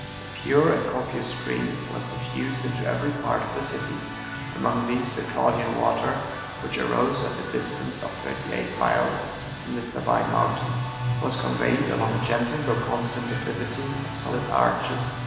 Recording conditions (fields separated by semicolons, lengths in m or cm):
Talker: one person; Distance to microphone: 1.7 m; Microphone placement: close; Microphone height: 1.0 m; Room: very reverberant, large; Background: music